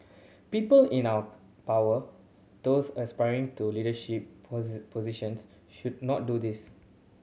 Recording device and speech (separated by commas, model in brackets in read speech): mobile phone (Samsung C7100), read sentence